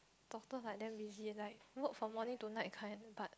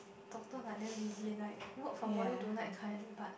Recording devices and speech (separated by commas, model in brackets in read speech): close-talking microphone, boundary microphone, conversation in the same room